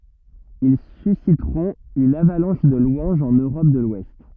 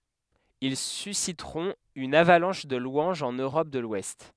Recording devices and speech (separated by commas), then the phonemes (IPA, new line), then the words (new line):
rigid in-ear microphone, headset microphone, read sentence
il sysitʁɔ̃t yn avalɑ̃ʃ də lwɑ̃ʒz ɑ̃n øʁɔp də lwɛst
Ils susciteront une avalanche de louanges en Europe de l'Ouest.